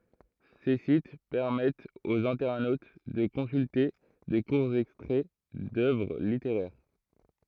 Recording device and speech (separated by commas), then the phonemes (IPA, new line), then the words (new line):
throat microphone, read sentence
se sit pɛʁmɛtt oz ɛ̃tɛʁnot də kɔ̃sylte də kuʁz ɛkstʁɛ dœvʁ liteʁɛʁ
Ces sites permettent aux internautes de consulter de courts extraits d’œuvres littéraires.